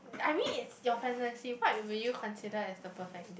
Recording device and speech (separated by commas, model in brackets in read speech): boundary microphone, conversation in the same room